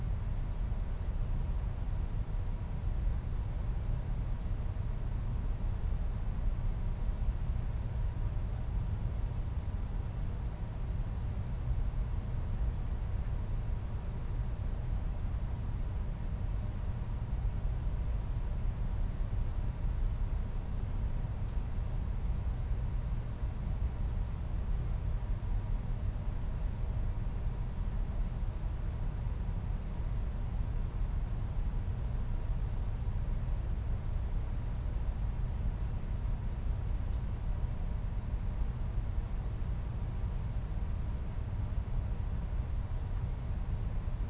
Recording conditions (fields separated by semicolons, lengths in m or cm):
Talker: no one; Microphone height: 1.8 m; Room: medium-sized (5.7 m by 4.0 m); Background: none